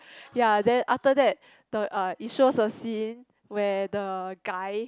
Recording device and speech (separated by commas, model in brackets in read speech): close-talking microphone, conversation in the same room